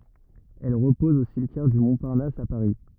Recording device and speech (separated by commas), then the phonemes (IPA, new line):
rigid in-ear microphone, read sentence
ɛl ʁəpɔz o simtjɛʁ dy mɔ̃paʁnas a paʁi